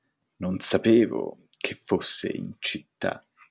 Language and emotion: Italian, disgusted